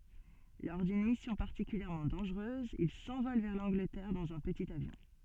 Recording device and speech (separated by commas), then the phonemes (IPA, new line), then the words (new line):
soft in-ear microphone, read sentence
lɔʁ dyn misjɔ̃ paʁtikyljɛʁmɑ̃ dɑ̃ʒʁøz il sɑ̃vɔl vɛʁ lɑ̃ɡlətɛʁ dɑ̃z œ̃ pətit avjɔ̃
Lors d'une mission particulièrement dangereuse, il s'envole vers l'Angleterre dans un petit avion.